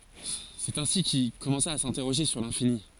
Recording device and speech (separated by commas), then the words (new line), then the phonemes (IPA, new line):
forehead accelerometer, read sentence
C'est ainsi qu'il commença à s'interroger sur l'infini.
sɛt ɛ̃si kil kɔmɑ̃sa a sɛ̃tɛʁoʒe syʁ lɛ̃fini